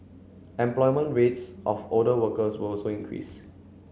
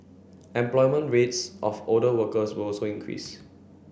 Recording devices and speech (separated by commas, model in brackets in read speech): mobile phone (Samsung C9), boundary microphone (BM630), read sentence